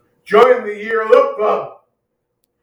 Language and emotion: English, sad